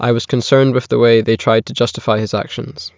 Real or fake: real